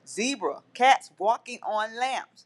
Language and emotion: English, angry